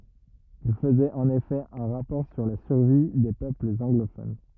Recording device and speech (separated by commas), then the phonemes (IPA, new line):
rigid in-ear microphone, read sentence
il fəzɛt ɑ̃n efɛ œ̃ ʁapɔʁ syʁ la syʁvi de pøplz ɑ̃ɡlofon